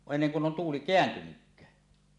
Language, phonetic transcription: Finnish, enneŋ kun 'on 'tuuli "keäntynykkää .
- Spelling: ennen kuin on tuuli kääntynytkään

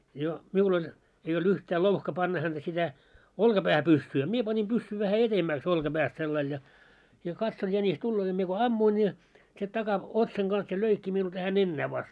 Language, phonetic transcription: Finnish, jo , 'miul ‿oĺ , ei olᴅ 'yhtä "louhka panna hänᴅä śitä , 'olkapähä 'pyssyy a 'mie pani 'pyssy vähä 'etemmäks 'olka'äpäst sellail ja , ja katson 'jänis "tulloo ja mie ko "ammuin ja , se 'taka- , 'otsaŋ ɢans ja 'löikki miul tähä 'nennää vast .
- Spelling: jo minulla oli ei ollut yhtä louhka panna häntä sitä olkapäähän pyssyä a minä panin pyssyn vähän edemmäksi olkapäästä sillä lailla ja ja katson jänis tulee ja minä kun ammuin ja se - takaotsan kanssa ja löi minulla tähän nenään vasta

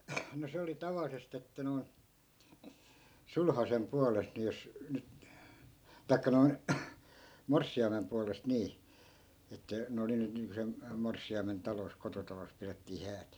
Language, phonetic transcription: Finnish, no 'se oli 'tavallisest ‿että noi̮n , "sulhasem 'pualest ni jos , nyt , 'tai̮kka noi̮n , "morssi₍aimem pualest 'nii , että , ne 'oli 'nyt niiŋko sem , 'morssi₍aimen 'talos , 'kototalos pirettii 'häät .
- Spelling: no se oli tavallisesti että noin sulhasen puolesta niin jos nyt tai noin morsiamen puolesta niin että ne oli nyt niin kuin sen morsiamen talossa kototalossa pidettiin häät

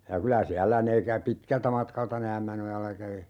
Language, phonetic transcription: Finnish, ja 'kylä 'siällä 'ne kä - "pitkältä 'matkalta ne "Ämmänojalla kävi .
- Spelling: ja kyllä siellä ne - pitkältä matkalta ne Ämmänojalla kävi

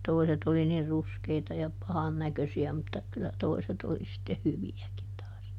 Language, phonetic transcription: Finnish, ˈtoiset oli nir "ruskeita ja ˈpahan "näkösi₍ä mutta kyllä ˈtoiset oli sitteh "hyvi₍äkin taas .
- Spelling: toiset oli niin ruskeita ja pahan näköisiä mutta kyllä toiset oli sitten hyviäkin taas

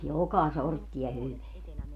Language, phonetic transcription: Finnish, "joka "sortti₍a 'hyveä .
- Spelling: joka sorttia hyvää

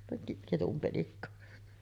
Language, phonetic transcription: Finnish, pe- 'ketum penikka .
- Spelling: - ketun penikka

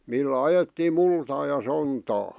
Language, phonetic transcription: Finnish, millä 'ajettiim̆ "multaa ja 'sontaa .
- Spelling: millä ajettiin multaa ja sontaa

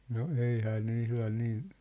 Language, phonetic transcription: Finnish, no 'eihää ne 'ihlan 'nii ,.
- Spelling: no eihän ne ihan niin

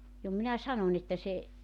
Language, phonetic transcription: Finnish, jo minä 'sanoń ‿että se ,.
- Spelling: jo minä sanoin että se

